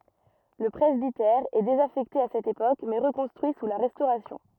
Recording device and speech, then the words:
rigid in-ear microphone, read sentence
Le presbytère est désaffecté à cette époque, mais reconstruit sous la Restauration.

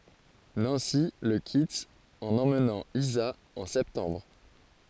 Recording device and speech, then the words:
forehead accelerometer, read sentence
Nancy le quitte en emmenant Isa en septembre.

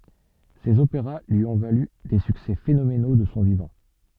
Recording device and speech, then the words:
soft in-ear microphone, read sentence
Ses opéras lui ont valu des succès phénoménaux de son vivant.

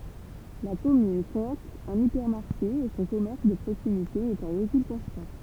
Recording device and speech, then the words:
temple vibration pickup, read sentence
La commune compte un hypermarché et son commerce de proximité est en recul constant.

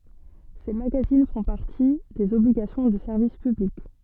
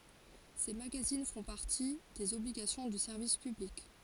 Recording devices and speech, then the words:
soft in-ear microphone, forehead accelerometer, read sentence
Ces magazines font partie des obligations du service public.

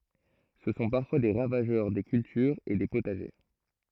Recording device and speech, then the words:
throat microphone, read sentence
Ce sont parfois des ravageurs des cultures et des potagers.

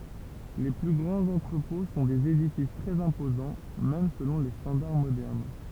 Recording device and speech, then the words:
temple vibration pickup, read sentence
Les plus grands entrepôts sont des édifices très imposants, même selon les standards modernes.

